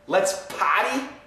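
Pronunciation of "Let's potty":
'Party' is said with no R here, so it sounds like 'potty'. This pronunciation is incorrect.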